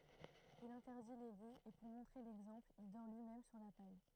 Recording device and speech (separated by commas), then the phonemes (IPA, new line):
throat microphone, read sentence
il ɛ̃tɛʁdi le liz e puʁ mɔ̃tʁe lɛɡzɑ̃pl il dɔʁ lyimɛm syʁ la paj